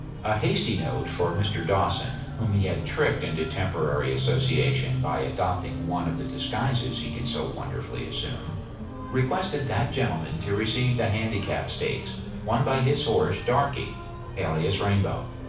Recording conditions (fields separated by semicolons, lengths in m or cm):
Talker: one person; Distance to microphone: 5.8 m; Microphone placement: far; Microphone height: 1.8 m; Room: medium-sized (5.7 m by 4.0 m); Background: music